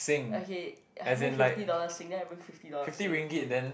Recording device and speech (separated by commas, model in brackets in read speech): boundary microphone, conversation in the same room